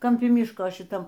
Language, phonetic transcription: Lithuanian, kamˈpi ˈmiško šiˈtam

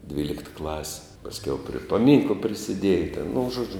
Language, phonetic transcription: Lithuanian, ˈdvylikt klasi pasˈkiau prie paˈmynkla prisiˈdieja ten nu ˈžuodžiu

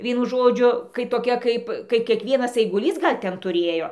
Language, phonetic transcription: Lithuanian, ˈvienu ˈžodžiu kai toˈkia ˈkaip kai kiekˈvienas aiguˈlys ˈgal' ˈten tuˈrėjo

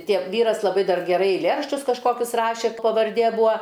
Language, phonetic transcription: Lithuanian, ˈtiek ˈvyras laˈbai ˈdar geˈrai eilˈėraščius kažˈkokius ˈrašė pavarˈdė ˈbua

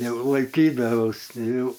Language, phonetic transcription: Lithuanian, ˈjau laiˈkydavaus ˈjau

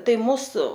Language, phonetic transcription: Lithuanian, ˈtai ˈmūsu

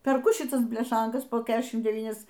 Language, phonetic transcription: Lithuanian, perˈku šiˈtas bleˈšankas po ˈkešim deˈvynias

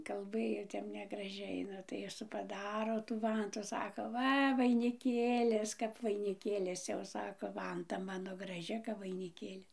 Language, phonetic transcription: Lithuanian, kalˈbɘjo ˈtep negraˈžiai ˈnu tai ˈjis paˈdaro tų ˈvantų ˈsako ˈva vainiˈkėlis kap vainiˈkėlis jau ˈsako ˈvanta ˈmano graˈži kap vainiˈkėli

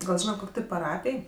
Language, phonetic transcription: Lithuanian, gal ˈžynat ˈkok' ti paˈrapij

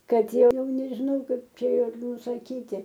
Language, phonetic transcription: Lithuanian, ˈkad ˈjau nežiˈnau ˈkaip ˈčia ir nusaˈkyti

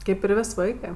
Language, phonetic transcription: Lithuanian, ˈkaip ir ˈvės' ˈvaikɜ

